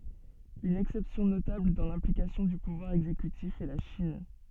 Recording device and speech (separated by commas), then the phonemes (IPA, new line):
soft in-ear microphone, read sentence
yn ɛksɛpsjɔ̃ notabl dɑ̃ lɛ̃plikasjɔ̃ dy puvwaʁ ɛɡzekytif ɛ la ʃin